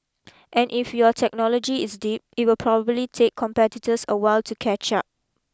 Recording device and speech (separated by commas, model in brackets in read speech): close-talking microphone (WH20), read sentence